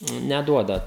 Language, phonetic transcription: Lithuanian, neˈduoda

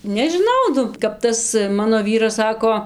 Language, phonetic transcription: Lithuanian, nežiˈnau ˈnu kap ˈtas ˈmano ˈvyras ˈsako

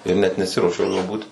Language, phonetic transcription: Lithuanian, ir ˈnet neˈsiruošiau juo ˈbūt

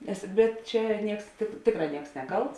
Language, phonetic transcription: Lithuanian, nes ˈbet ˈčia ˈnieks tėk ˈtėkˌrā ˈnieks ˈneˌkalts

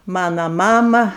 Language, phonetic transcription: Lithuanian, ˈmano ˈmama

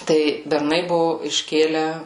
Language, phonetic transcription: Lithuanian, ˈtai berˈnai ˈbuvo išˈkėlę

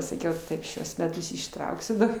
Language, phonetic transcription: Lithuanian, saˈkiau ˈtaip ˈšiuos meˈtus išˈtrauksiu dar

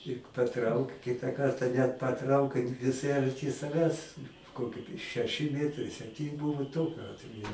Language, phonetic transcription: Lithuanian, i paˈtrauk ˈkita ˈkarta net paˈtraukai viˈsai arˈti saˈvęs ˈkoki šeˈši ˈmietrai sepˈtyn ˈbuvu ˈtokiu ˈatveju

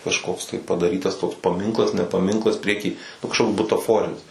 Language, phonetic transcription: Lithuanian, kažˈkoks tai padaˈrytas toks paˈminklas ne paˈminklas ˈprieˌky ˈnu kažˈkoks butaˈforinis

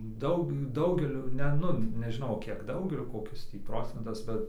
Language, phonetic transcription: Lithuanian, ˈdaug ˈdaugeliui ne ˈnu nežiˈnau ˈkiek ˈdaugeliui koˈkis ˈtį ˈprocentas ˈbet

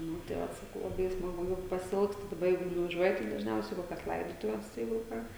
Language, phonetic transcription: Lithuanian, ˈnu tai ˈvat saˈkau laˈbai i smaˈgu jau pasiˈilgstu daˈba ˈjeigu nuvaˈžiuoji tai dažˈniausiai i ˈkokias ˈlaidotuves ˈjeigu ˈką

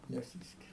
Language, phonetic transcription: Lithuanian, neˈsyskiria

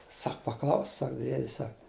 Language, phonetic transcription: Lithuanian, ˈsak paˈklausk ˈsak ˈdiedis ˈsak

